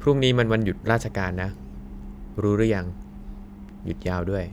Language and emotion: Thai, neutral